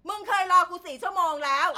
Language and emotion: Thai, angry